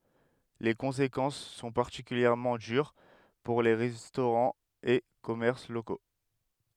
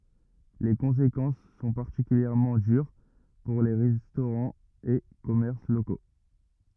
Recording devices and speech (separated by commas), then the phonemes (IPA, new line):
headset microphone, rigid in-ear microphone, read sentence
le kɔ̃sekɑ̃s sɔ̃ paʁtikyljɛʁmɑ̃ dyʁ puʁ le ʁɛstoʁɑ̃z e kɔmɛʁs loko